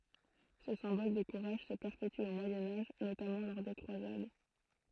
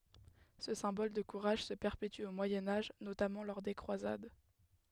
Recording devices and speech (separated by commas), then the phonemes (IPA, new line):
throat microphone, headset microphone, read sentence
sə sɛ̃bɔl də kuʁaʒ sə pɛʁpety o mwajɛ̃ aʒ notamɑ̃ lɔʁ de kʁwazad